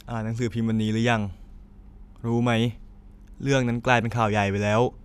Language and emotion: Thai, neutral